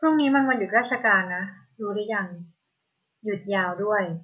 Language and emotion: Thai, neutral